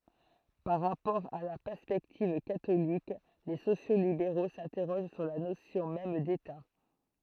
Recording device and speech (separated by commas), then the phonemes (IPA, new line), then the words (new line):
throat microphone, read sentence
paʁ ʁapɔʁ a la pɛʁspɛktiv katolik le sosjokslibeʁo sɛ̃tɛʁoʒ syʁ la nosjɔ̃ mɛm deta
Par rapport à la perspective catholique, les sociaux-libéraux s'interrogent sur la notion même d'État.